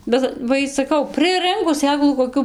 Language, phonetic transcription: Lithuanian, ˈbet va ˈy saˈkau prɨˈrɨnkus ˈsėklų koˈkių

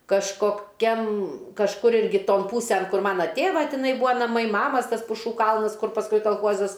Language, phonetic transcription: Lithuanian, kažkoˈkiam kažˈkur ˈirgi ˈton ˈpūsen ˈkur ˈmana ˈtėva tiˈnai ˈbūa naˈmai ˈmamas ˈtas puˈšų ˈkalnas ˈkur pasˈkui kalˈchuozas

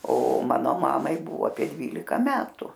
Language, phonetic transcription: Lithuanian, o ˈmano ˈmamai ˈbuvo apie ˈdvylika ˈmetu

